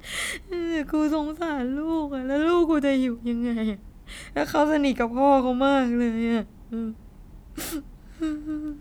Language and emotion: Thai, sad